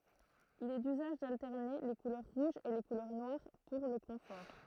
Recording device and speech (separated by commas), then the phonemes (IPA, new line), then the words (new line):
throat microphone, read sentence
il ɛ dyzaʒ daltɛʁne le kulœʁ ʁuʒz e le kulœʁ nwaʁ puʁ lə kɔ̃fɔʁ
Il est d'usage d'alterner les couleurs rouges et les couleurs noires pour le confort.